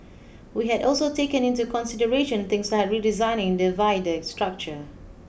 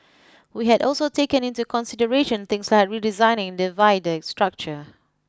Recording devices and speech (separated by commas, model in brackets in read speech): boundary microphone (BM630), close-talking microphone (WH20), read sentence